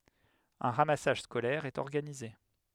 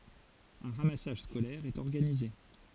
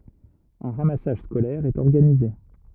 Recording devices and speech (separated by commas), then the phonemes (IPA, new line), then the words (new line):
headset microphone, forehead accelerometer, rigid in-ear microphone, read sentence
œ̃ ʁamasaʒ skolɛʁ ɛt ɔʁɡanize
Un ramassage scolaire est organisé.